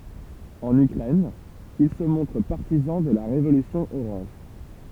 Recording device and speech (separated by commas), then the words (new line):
temple vibration pickup, read sentence
En Ukraine, il se montre partisan de la Révolution orange.